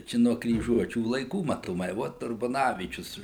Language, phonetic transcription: Lithuanian, ˈčia nuo kryˈžuočių laiˈkų matoˈmai ˈvot urbaˈnavyčius

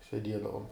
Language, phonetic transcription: Lithuanian, seˈdiedavum

